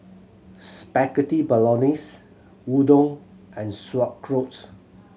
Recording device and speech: mobile phone (Samsung C7100), read sentence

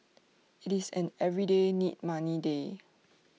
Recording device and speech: mobile phone (iPhone 6), read sentence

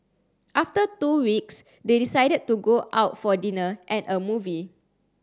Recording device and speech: standing microphone (AKG C214), read sentence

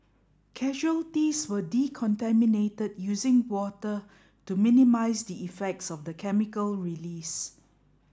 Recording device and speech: standing microphone (AKG C214), read sentence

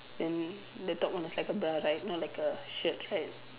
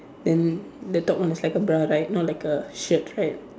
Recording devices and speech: telephone, standing microphone, conversation in separate rooms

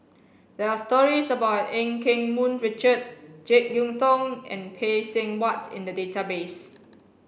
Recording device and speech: boundary microphone (BM630), read sentence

